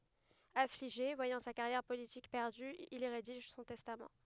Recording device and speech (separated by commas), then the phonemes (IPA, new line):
headset microphone, read sentence
afliʒe vwajɑ̃ sa kaʁjɛʁ politik pɛʁdy il i ʁediʒ sɔ̃ tɛstam